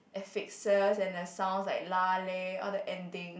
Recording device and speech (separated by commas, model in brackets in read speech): boundary microphone, conversation in the same room